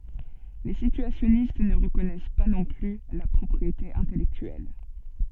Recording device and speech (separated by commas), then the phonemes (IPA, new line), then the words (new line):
soft in-ear microphone, read sentence
le sityasjɔnist nə ʁəkɔnɛs pa nɔ̃ ply la pʁɔpʁiete ɛ̃tɛlɛktyɛl
Les situationnistes ne reconnaissent pas non plus la propriété intellectuelle.